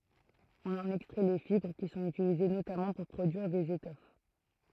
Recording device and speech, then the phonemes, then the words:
throat microphone, read sentence
ɔ̃n ɑ̃n ɛkstʁɛ le fibʁ ki sɔ̃t ytilize notamɑ̃ puʁ pʁodyiʁ dez etɔf
On en extrait les fibres, qui sont utilisées notamment pour produire des étoffes.

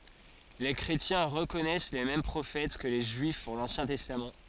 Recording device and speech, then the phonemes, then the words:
forehead accelerometer, read sentence
le kʁetjɛ̃ ʁəkɔnɛs le mɛm pʁofɛt kə le ʒyif puʁ lɑ̃sjɛ̃ tɛstam
Les chrétiens reconnaissent les mêmes prophètes que les Juifs pour l'Ancien Testament.

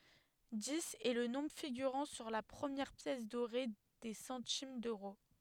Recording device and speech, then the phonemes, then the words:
headset microphone, read sentence
diz ɛ lə nɔ̃bʁ fiɡyʁɑ̃ syʁ la pʁəmjɛʁ pjɛs doʁe de sɑ̃tim døʁo
Dix est le nombre figurant sur la première pièce dorée des centimes d'euros.

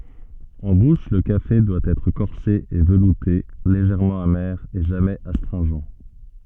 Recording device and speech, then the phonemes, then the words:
soft in-ear microphone, read sentence
ɑ̃ buʃ lə kafe dwa ɛtʁ kɔʁse e vəlute leʒɛʁmɑ̃ ame e ʒamɛz astʁɛ̃ʒɑ̃
En bouche, le café doit être corsé et velouté, légèrement amer et jamais astringent.

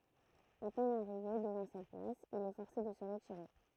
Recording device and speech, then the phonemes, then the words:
throat microphone, read sentence
a pɛn aʁive dəvɑ̃ sɛt plas il ɛ fɔʁse də sə ʁətiʁe
À peine arrivé devant cette place, il est forcé de se retirer.

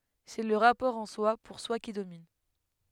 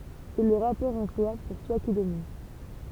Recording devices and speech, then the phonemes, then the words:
headset microphone, temple vibration pickup, read sentence
sɛ lə ʁapɔʁ ɑ̃swa puʁswa ki domin
C'est le rapport en-soi, pour-soi qui domine.

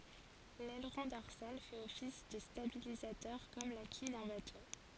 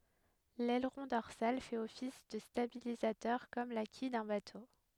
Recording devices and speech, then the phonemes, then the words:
forehead accelerometer, headset microphone, read sentence
lɛlʁɔ̃ dɔʁsal fɛt ɔfis də stabilizatœʁ kɔm la kij dœ̃ bato
L'aileron dorsal fait office de stabilisateur comme la quille d'un bateau.

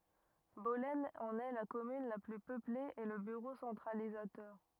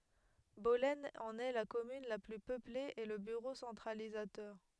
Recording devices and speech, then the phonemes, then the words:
rigid in-ear microphone, headset microphone, read sentence
bɔlɛn ɑ̃n ɛ la kɔmyn la ply pøple e lə byʁo sɑ̃tʁalizatœʁ
Bollène en est la commune la plus peuplée et le bureau centralisateur.

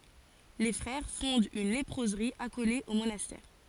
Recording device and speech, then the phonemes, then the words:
forehead accelerometer, read sentence
le fʁɛʁ fɔ̃dt yn lepʁozʁi akole o monastɛʁ
Les frères fondent une léproserie accolée au monastère.

